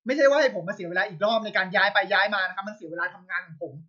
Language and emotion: Thai, angry